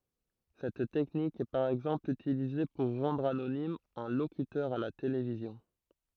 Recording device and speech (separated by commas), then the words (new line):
throat microphone, read sentence
Cette technique est par exemple utilisée pour rendre anonyme un locuteur à la télévision.